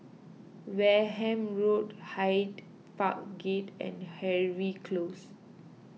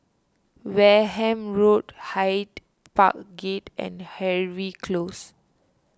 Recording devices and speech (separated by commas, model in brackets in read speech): mobile phone (iPhone 6), standing microphone (AKG C214), read sentence